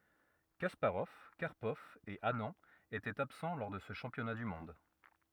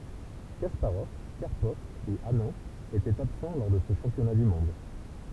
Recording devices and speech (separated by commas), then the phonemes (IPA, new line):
rigid in-ear microphone, temple vibration pickup, read sentence
kaspaʁɔv kaʁpɔv e anɑ̃ etɛt absɑ̃ lɔʁ də sə ʃɑ̃pjɔna dy mɔ̃d